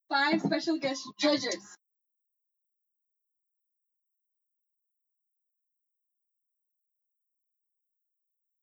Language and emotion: English, angry